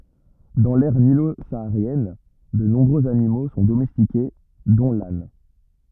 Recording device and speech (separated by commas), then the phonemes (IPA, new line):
rigid in-ear microphone, read sentence
dɑ̃ lɛʁ nilo saaʁjɛn də nɔ̃bʁøz animo sɔ̃ domɛstike dɔ̃ lan